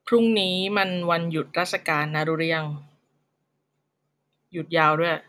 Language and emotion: Thai, frustrated